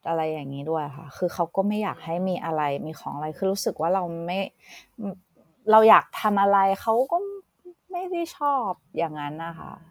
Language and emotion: Thai, frustrated